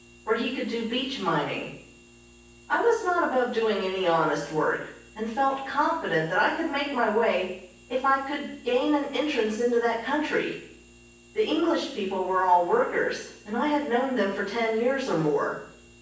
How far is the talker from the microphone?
9.8 m.